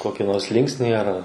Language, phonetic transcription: Lithuanian, ˈkoki ˈnors ˈlinksnį ar

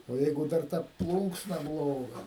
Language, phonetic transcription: Lithuanian, o ˈjeigu ˈdar ta ˈplūnksna ˈbloga

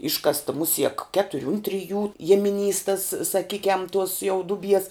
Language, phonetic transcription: Lithuanian, ˈiškasta ˈmusiek ˈketuri un ˈtriˌjų ˈjiemiˌnys tas saˈkykiam tuos jau ˈduˌbies

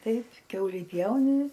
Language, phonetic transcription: Lithuanian, ˈtaip ˈkiaulį ˈpjauni

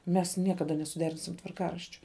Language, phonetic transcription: Lithuanian, mes ˈniekada nesuˈderinsim tvarˈkaraščio

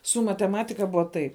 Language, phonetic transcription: Lithuanian, su mateˈmatika ˈbua tai

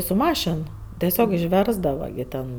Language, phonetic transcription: Lithuanian, su ˈmašin teˈsiog išˈversdava gi ˈten

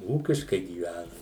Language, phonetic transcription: Lithuanian, ˈūkiškai gyˈvænam

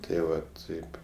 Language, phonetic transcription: Lithuanian, tai ˈva ˈtaip

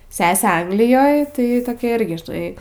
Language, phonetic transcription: Lithuanian, ˈsesė ˈanglijoj tai toˈkia ˈirgi žiˈnai

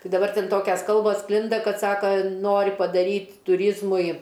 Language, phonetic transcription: Lithuanian, ˈtai daˈbar ˈten ˈtokias ˈkalbos ˈsklinda ˈkad ˈsaka ˈnori paˈdaryt tuˈryzmui

